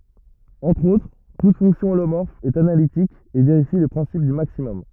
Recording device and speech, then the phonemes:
rigid in-ear microphone, read sentence
ɑ̃tʁ otʁ tut fɔ̃ksjɔ̃ olomɔʁf ɛt analitik e veʁifi lə pʁɛ̃sip dy maksimɔm

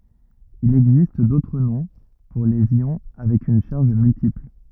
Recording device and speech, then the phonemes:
rigid in-ear microphone, read sentence
il ɛɡzist dotʁ nɔ̃ puʁ lez jɔ̃ avɛk yn ʃaʁʒ myltipl

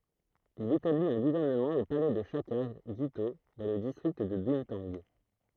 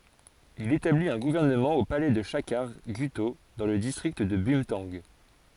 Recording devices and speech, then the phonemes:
throat microphone, forehead accelerometer, read sentence
il etablit œ̃ ɡuvɛʁnəmɑ̃ o palɛ də ʃakaʁ ɡyto dɑ̃ lə distʁikt də bœ̃tɑ̃ɡ

